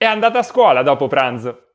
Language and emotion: Italian, happy